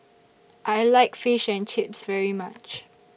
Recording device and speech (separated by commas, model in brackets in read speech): boundary microphone (BM630), read sentence